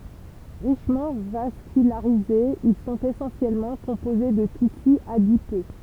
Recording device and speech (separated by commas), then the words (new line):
temple vibration pickup, read sentence
Richement vascularisés, ils sont essentiellement composés de tissu adipeux.